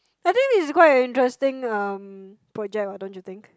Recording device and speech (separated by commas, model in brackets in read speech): close-talking microphone, conversation in the same room